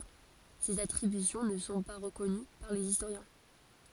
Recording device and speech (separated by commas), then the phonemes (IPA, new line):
forehead accelerometer, read sentence
sez atʁibysjɔ̃ nə sɔ̃ pa ʁəkɔny paʁ lez istoʁjɛ̃